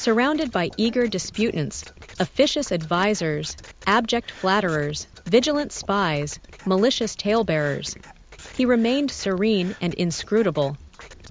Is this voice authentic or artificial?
artificial